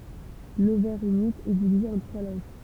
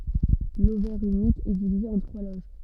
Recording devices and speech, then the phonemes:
temple vibration pickup, soft in-ear microphone, read sentence
lovɛʁ ynik ɛ divize ɑ̃ tʁwa loʒ

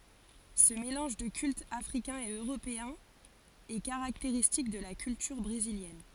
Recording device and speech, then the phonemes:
forehead accelerometer, read sentence
sə melɑ̃ʒ də kyltz afʁikɛ̃z e øʁopeɛ̃z ɛ kaʁakteʁistik də la kyltyʁ bʁeziljɛn

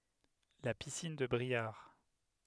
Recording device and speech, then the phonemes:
headset microphone, read sentence
la pisin də bʁiaʁ

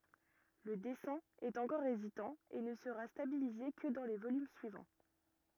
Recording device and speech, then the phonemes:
rigid in-ear microphone, read sentence
lə dɛsɛ̃ ɛt ɑ̃kɔʁ ezitɑ̃ e nə səʁa stabilize kə dɑ̃ lə volym syivɑ̃

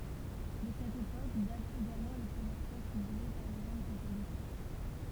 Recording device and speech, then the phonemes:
temple vibration pickup, read sentence
də sɛt epok datt eɡalmɑ̃ le pʁəmjɛʁ pjɛs pyblie paʁ lə ʒøn kɔ̃pozitœʁ

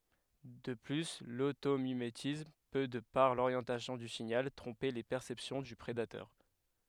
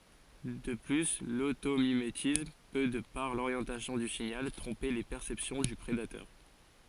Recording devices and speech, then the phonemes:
headset microphone, forehead accelerometer, read sentence
də ply lotomimetism pø də paʁ loʁjɑ̃tasjɔ̃ dy siɲal tʁɔ̃pe le pɛʁsɛpsjɔ̃ dy pʁedatœʁ

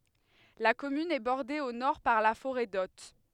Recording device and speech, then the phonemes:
headset microphone, read sentence
la kɔmyn ɛ bɔʁde o nɔʁ paʁ la foʁɛ dɔt

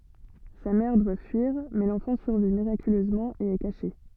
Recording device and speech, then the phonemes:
soft in-ear microphone, read sentence
sa mɛʁ dwa fyiʁ mɛ lɑ̃fɑ̃ syʁvi miʁakyløzmɑ̃ e ɛ kaʃe

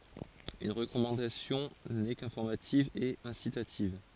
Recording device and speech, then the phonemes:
forehead accelerometer, read sentence
yn ʁəkɔmɑ̃dasjɔ̃ nɛ kɛ̃fɔʁmativ e ɛ̃sitativ

